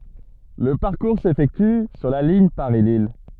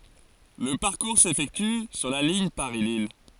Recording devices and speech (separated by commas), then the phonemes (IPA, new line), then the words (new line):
soft in-ear microphone, forehead accelerometer, read sentence
lə paʁkuʁ sefɛkty syʁ la liɲ paʁislij
Le parcours s'effectue sur la ligne Paris-Lille.